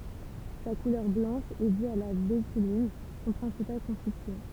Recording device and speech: temple vibration pickup, read sentence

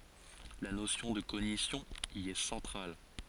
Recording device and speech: forehead accelerometer, read sentence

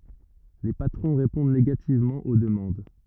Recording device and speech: rigid in-ear microphone, read sentence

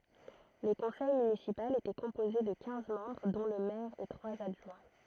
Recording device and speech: throat microphone, read sentence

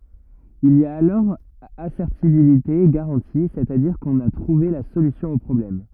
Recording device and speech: rigid in-ear microphone, read sentence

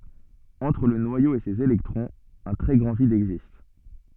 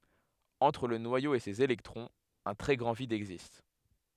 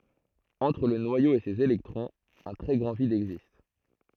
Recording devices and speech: soft in-ear microphone, headset microphone, throat microphone, read sentence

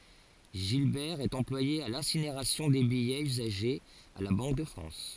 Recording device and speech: forehead accelerometer, read sentence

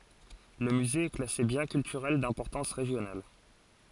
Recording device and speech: forehead accelerometer, read sentence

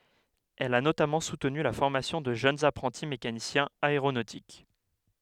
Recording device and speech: headset microphone, read sentence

